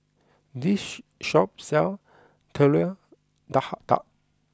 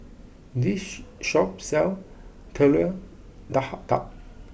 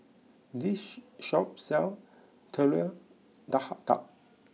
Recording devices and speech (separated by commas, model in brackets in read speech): close-talking microphone (WH20), boundary microphone (BM630), mobile phone (iPhone 6), read sentence